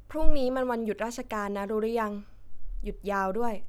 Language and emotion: Thai, neutral